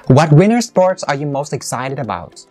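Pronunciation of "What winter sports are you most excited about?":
'What winter sports' is stressed, and the intonation falls for the rest of the sentence.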